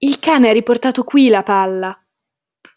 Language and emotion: Italian, surprised